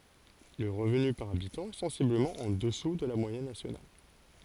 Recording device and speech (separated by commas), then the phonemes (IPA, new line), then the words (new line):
forehead accelerometer, read sentence
lə ʁəvny paʁ abitɑ̃ ɛ sɑ̃sibləmɑ̃ ɑ̃ dəsu də la mwajɛn nasjonal
Le revenu par habitant est sensiblement en dessous de la moyenne nationale.